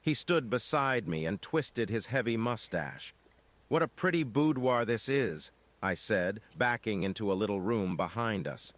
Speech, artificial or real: artificial